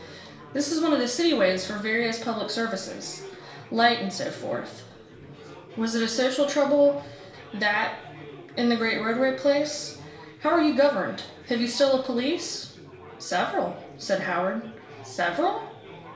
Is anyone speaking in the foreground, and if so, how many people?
One person.